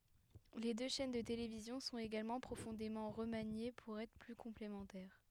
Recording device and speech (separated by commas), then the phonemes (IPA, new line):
headset microphone, read sentence
le dø ʃɛn də televizjɔ̃ sɔ̃t eɡalmɑ̃ pʁofɔ̃demɑ̃ ʁəmanje puʁ ɛtʁ ply kɔ̃plemɑ̃tɛʁ